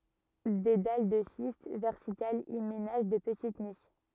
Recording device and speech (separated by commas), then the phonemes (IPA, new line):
rigid in-ear microphone, read sentence
de dal də ʃist vɛʁtikalz i menaʒ də pətit niʃ